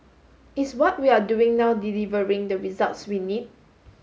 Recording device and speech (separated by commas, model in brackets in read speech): mobile phone (Samsung S8), read sentence